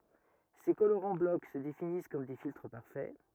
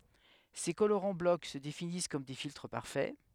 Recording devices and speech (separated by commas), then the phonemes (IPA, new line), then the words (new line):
rigid in-ear microphone, headset microphone, read sentence
se koloʁɑ̃ blɔk sə definis kɔm de filtʁ paʁfɛ
Ces colorants bloc se définissent comme des filtres parfaits.